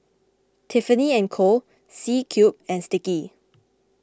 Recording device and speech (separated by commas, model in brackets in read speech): close-talking microphone (WH20), read sentence